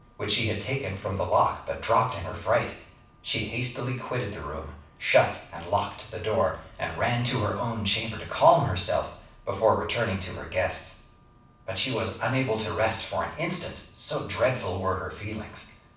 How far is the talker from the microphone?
5.8 m.